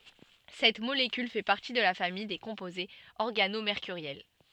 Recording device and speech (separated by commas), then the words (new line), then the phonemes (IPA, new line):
soft in-ear microphone, read sentence
Cette molécule fait partie de la famille des composés organomércuriels.
sɛt molekyl fɛ paʁti də la famij de kɔ̃pozez ɔʁɡanomeʁkyʁjɛl